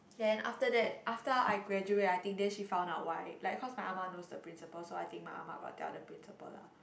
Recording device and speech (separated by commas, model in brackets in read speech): boundary microphone, conversation in the same room